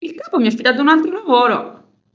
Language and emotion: Italian, surprised